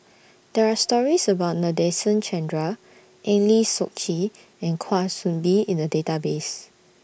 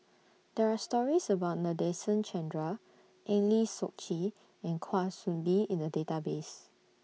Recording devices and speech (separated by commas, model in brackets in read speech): boundary microphone (BM630), mobile phone (iPhone 6), read sentence